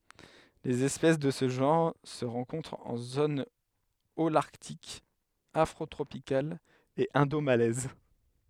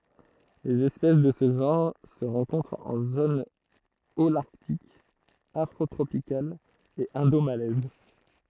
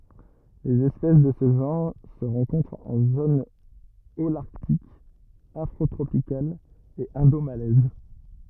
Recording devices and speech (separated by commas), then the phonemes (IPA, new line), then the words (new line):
headset microphone, throat microphone, rigid in-ear microphone, read sentence
lez ɛspɛs də sə ʒɑ̃ʁ sə ʁɑ̃kɔ̃tʁt ɑ̃ zon olaʁtik afʁotʁopikal e ɛ̃domalɛz
Les espèces de ce genre se rencontrent en zones holarctique, afrotropicale et indomalaise.